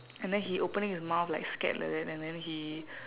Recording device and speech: telephone, conversation in separate rooms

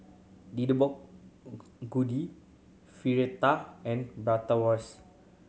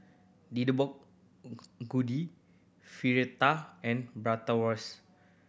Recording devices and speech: mobile phone (Samsung C7100), boundary microphone (BM630), read sentence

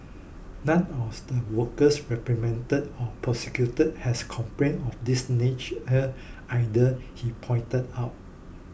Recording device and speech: boundary microphone (BM630), read sentence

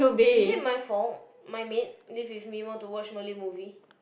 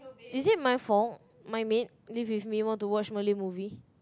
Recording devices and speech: boundary microphone, close-talking microphone, conversation in the same room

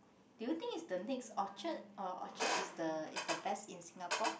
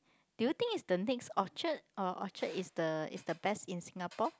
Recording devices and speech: boundary microphone, close-talking microphone, conversation in the same room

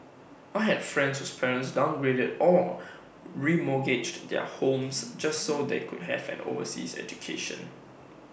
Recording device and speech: boundary microphone (BM630), read sentence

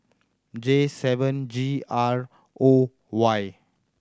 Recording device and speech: standing microphone (AKG C214), read sentence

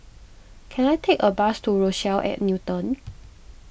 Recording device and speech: boundary microphone (BM630), read sentence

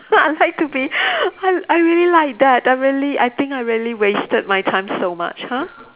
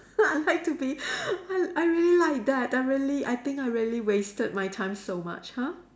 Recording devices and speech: telephone, standing microphone, conversation in separate rooms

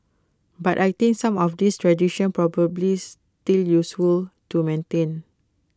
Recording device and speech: close-talking microphone (WH20), read sentence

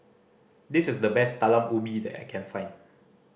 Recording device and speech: boundary microphone (BM630), read sentence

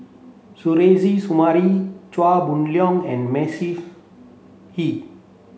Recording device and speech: mobile phone (Samsung C7), read sentence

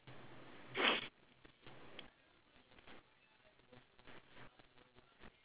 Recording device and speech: telephone, conversation in separate rooms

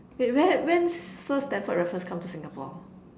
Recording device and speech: standing microphone, conversation in separate rooms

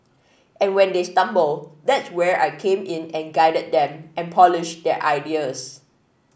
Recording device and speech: boundary microphone (BM630), read sentence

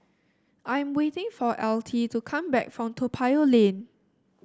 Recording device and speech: standing microphone (AKG C214), read sentence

